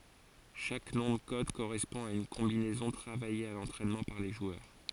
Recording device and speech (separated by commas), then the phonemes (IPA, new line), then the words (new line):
forehead accelerometer, read sentence
ʃak nɔ̃ də kɔd koʁɛspɔ̃ a yn kɔ̃binɛzɔ̃ tʁavaje a lɑ̃tʁɛnmɑ̃ paʁ le ʒwœʁ
Chaque nom de code correspond à une combinaison travaillée à l'entraînement par les joueurs.